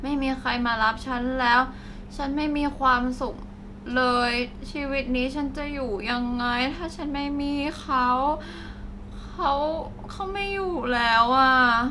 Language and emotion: Thai, sad